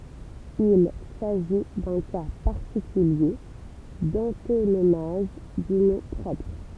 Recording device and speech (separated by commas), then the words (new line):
temple vibration pickup, read sentence
Il s'agit d'un cas particulier d'antonomase du nom propre.